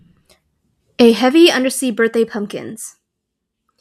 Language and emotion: English, sad